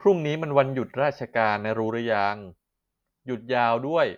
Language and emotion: Thai, frustrated